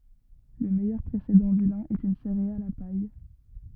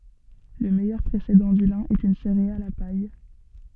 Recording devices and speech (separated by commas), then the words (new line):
rigid in-ear microphone, soft in-ear microphone, read sentence
Le meilleur précédent du lin est une céréale à paille.